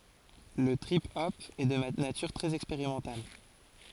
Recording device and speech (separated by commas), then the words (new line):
forehead accelerometer, read sentence
Le trip hop est de nature très expérimentale.